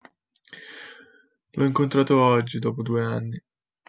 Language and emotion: Italian, sad